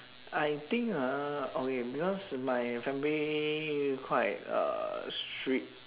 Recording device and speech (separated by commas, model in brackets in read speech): telephone, conversation in separate rooms